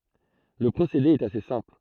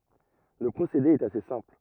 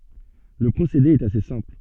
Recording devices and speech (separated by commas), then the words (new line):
throat microphone, rigid in-ear microphone, soft in-ear microphone, read sentence
Le procédé est assez simple.